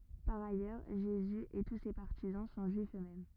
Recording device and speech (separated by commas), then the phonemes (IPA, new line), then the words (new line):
rigid in-ear microphone, read sentence
paʁ ajœʁ ʒezy e tu se paʁtizɑ̃ sɔ̃ ʒyifz øksmɛm
Par ailleurs, Jésus et tous ses partisans sont Juifs eux-mêmes.